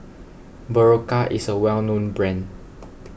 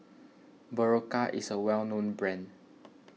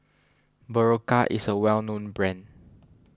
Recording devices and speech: boundary microphone (BM630), mobile phone (iPhone 6), standing microphone (AKG C214), read sentence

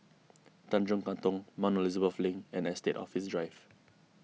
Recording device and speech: mobile phone (iPhone 6), read sentence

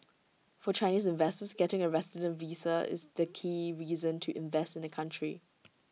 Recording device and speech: mobile phone (iPhone 6), read sentence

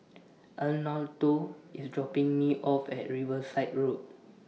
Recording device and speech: mobile phone (iPhone 6), read sentence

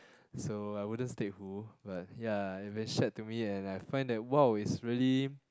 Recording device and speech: close-talking microphone, conversation in the same room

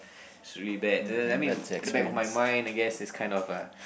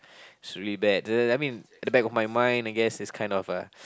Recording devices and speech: boundary microphone, close-talking microphone, conversation in the same room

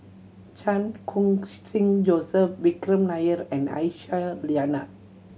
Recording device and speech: mobile phone (Samsung C7100), read sentence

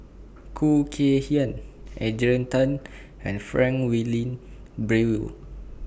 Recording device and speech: boundary microphone (BM630), read sentence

